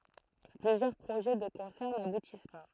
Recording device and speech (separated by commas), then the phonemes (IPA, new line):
throat microphone, read sentence
plyzjœʁ pʁoʒɛ də kɔ̃sɛʁ nabutis pa